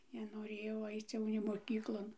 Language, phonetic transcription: Lithuanian, nenoˈrėjau ˈaic ˈjau nė moˈkyklon

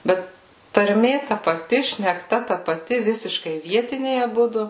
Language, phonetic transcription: Lithuanian, ˈbet tarˈmė ta paˈti šnekˈta ta paˈti ˈvisiškai ˈvietiniai aˈbudu

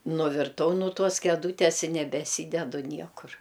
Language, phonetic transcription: Lithuanian, nuvirˈtau nu ˈtuos keˈdūtės i nebeˈsydedu ˈniekur

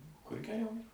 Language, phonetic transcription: Lithuanian, kur geˈriau

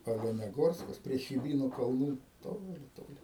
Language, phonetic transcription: Lithuanian, oleneˈgorskas prie chiˈbynu kalˈnų ˈtoli ˈtoli

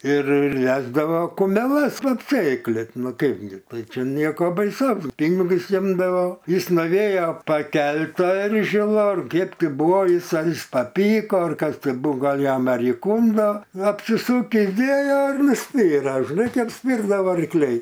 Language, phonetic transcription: Lithuanian, ir ir ˈvesdavo kumeˈlas va apˈsėklit ˈnu ˈkaipgi ˈtai ˈčia ˈnieko baiˈsaus ˈpinigus ˈimdavo ˈjis nuˈvėjo paˈkelt' ˈtą ˈeržila ˈkėp ˈti buvo ˈjis ar ˈjis paˈpyko ar ˈkas ˈti ˈbu ˈgal ˈjam ar įˈkundo apsiˈsukįs ˈdėjo ir nuˈspyra žiˈnai ˈkaip ˈspyrdavo arkˈliai

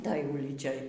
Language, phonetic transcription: Lithuanian, ˈtoj ˈulyčioj

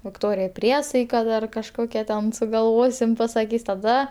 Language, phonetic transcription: Lithuanian, vikˈtorijai ˈpriesaika ˈdar kažˈkokia ten sugalˈvosim pasaˈkys taˈda

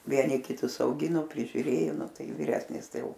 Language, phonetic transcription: Lithuanian, ˈvieni kiˈtus auˈgino prižiuˈrėjo ˈnu ˈtai viˈresnis ˈtai ˈjau

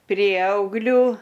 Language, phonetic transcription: Lithuanian, ˈprieauglių

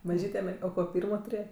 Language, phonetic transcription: Lithuanian, maˈžyte mer o ˈko ˈpyrmo tuˈrėje

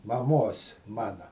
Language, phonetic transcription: Lithuanian, maˈmos ˈmana

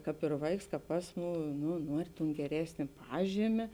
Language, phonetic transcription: Lithuanian, ˈkāp ir ˈvaiks ˈkāp ˈasˌmū ˈnu ˈnuori tun geˈresnė ˈpažymė

